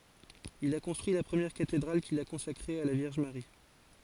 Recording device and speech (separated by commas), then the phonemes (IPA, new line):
forehead accelerometer, read sentence
il a kɔ̃stʁyi la pʁəmjɛʁ katedʁal kil a kɔ̃sakʁe a la vjɛʁʒ maʁi